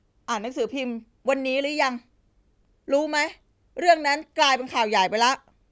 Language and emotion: Thai, frustrated